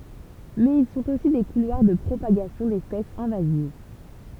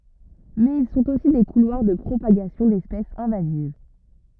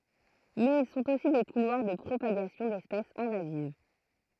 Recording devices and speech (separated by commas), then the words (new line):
temple vibration pickup, rigid in-ear microphone, throat microphone, read sentence
Mais ils sont aussi des couloirs de propagation d'espèces invasives.